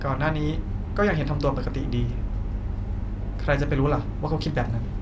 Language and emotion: Thai, frustrated